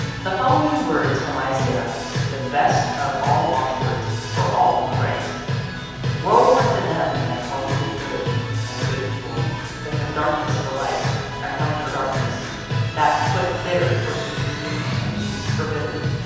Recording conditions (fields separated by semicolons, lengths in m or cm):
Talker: one person; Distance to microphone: 7.1 m; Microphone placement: far; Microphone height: 1.7 m; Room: very reverberant, large; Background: music